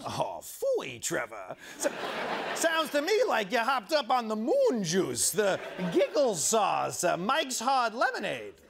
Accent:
transatlantic accent